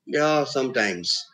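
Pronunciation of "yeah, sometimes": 'Sometimes' is said with a falling-rising tone: the voice falls and then rises.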